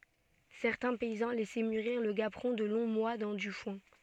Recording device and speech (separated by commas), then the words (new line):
soft in-ear microphone, read sentence
Certains paysans laissaient mûrir le gaperon de longs mois dans du foin.